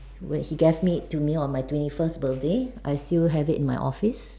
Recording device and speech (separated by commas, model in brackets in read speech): standing microphone, conversation in separate rooms